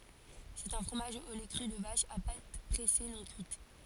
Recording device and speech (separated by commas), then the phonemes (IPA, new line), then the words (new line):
forehead accelerometer, read sentence
sɛt œ̃ fʁomaʒ o lɛ kʁy də vaʃ a pat pʁɛse nɔ̃ kyit
C'est un fromage au lait cru de vache, à pâte pressée non cuite.